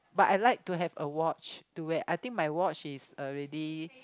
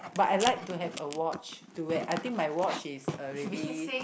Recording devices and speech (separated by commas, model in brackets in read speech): close-talking microphone, boundary microphone, conversation in the same room